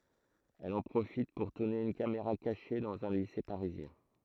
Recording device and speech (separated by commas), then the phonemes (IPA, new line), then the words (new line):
throat microphone, read sentence
ɛl ɑ̃ pʁofit puʁ tuʁne yn kameʁa kaʃe dɑ̃z œ̃ lise paʁizjɛ̃
Elle en profite pour tourner une caméra cachée dans un lycée parisien.